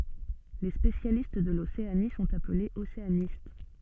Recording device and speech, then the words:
soft in-ear microphone, read sentence
Les spécialistes de l'Océanie sont appelés océanistes.

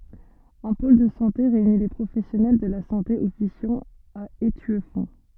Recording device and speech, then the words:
soft in-ear microphone, read sentence
Un pôle de santé réunit les professionnels de la santé officiant à Étueffont.

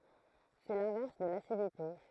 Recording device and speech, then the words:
throat microphone, read sentence
C'est l'inverse de l'acidité.

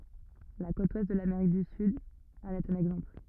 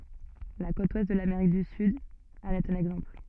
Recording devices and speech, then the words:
rigid in-ear microphone, soft in-ear microphone, read sentence
La côte ouest de l'Amérique du Sud en est un exemple.

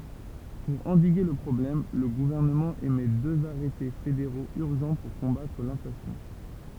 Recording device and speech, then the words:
temple vibration pickup, read sentence
Pour endiguer le problème, le gouvernement émet deux arrêtés fédéraux urgents pour combattre l’inflation.

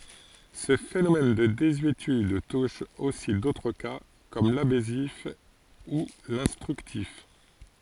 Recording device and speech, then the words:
forehead accelerometer, read sentence
Ce phénomène de désuétude touche aussi d'autres cas, comme l'abessif ou l'instructif.

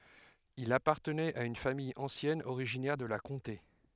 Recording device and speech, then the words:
headset microphone, read sentence
Il appartenait à une famille ancienne originaire de la Comté.

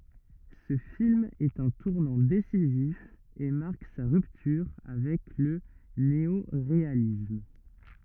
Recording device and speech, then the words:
rigid in-ear microphone, read sentence
Ce film est un tournant décisif et marque sa rupture avec le néoréalisme.

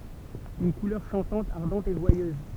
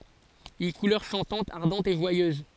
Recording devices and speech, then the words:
temple vibration pickup, forehead accelerometer, read sentence
Une couleur chantante, ardente, et joyeuse.

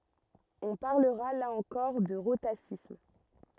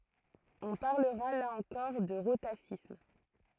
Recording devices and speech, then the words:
rigid in-ear microphone, throat microphone, read sentence
On parlera là encore de rhotacisme.

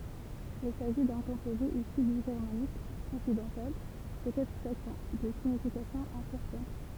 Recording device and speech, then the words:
temple vibration pickup, read sentence
Il s'agit d'un composé issu du germanique occidental, peut-être saxon, de signification incertaine.

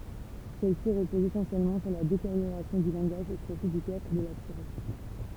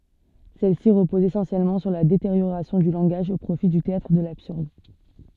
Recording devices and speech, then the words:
temple vibration pickup, soft in-ear microphone, read sentence
Celles-ci reposent essentiellement sur la détérioration du langage, au profit du théâtre de l'absurde.

